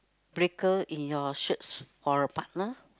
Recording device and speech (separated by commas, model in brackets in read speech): close-talking microphone, conversation in the same room